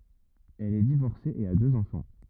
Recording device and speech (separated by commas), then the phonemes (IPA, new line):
rigid in-ear microphone, read sentence
ɛl ɛ divɔʁse e a døz ɑ̃fɑ̃